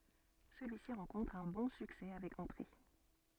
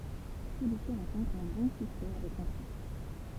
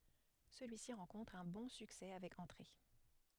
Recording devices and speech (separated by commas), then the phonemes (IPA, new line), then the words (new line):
soft in-ear microphone, temple vibration pickup, headset microphone, read sentence
səlyisi ʁɑ̃kɔ̃tʁ œ̃ bɔ̃ syksɛ avɛk ɑ̃tʁe
Celui-ci rencontre un bon succès avec entrées.